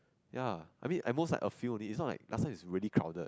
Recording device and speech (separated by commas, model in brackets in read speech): close-talking microphone, conversation in the same room